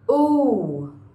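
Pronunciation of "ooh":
'Ooh' is a long sound, the vowel heard in 'food' and 'moon'.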